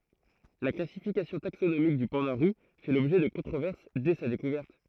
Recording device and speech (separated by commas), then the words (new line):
throat microphone, read sentence
La classification taxonomique du panda roux fait l'objet de controverses dès sa découverte.